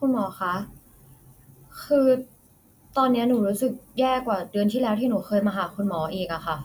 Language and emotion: Thai, frustrated